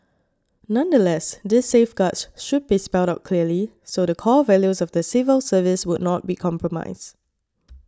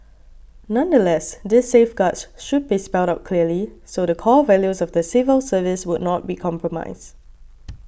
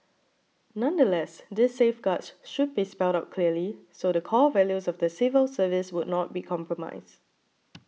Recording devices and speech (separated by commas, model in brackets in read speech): standing microphone (AKG C214), boundary microphone (BM630), mobile phone (iPhone 6), read sentence